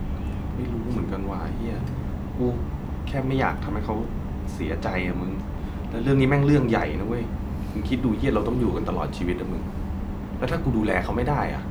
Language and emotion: Thai, frustrated